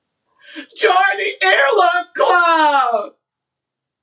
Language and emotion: English, sad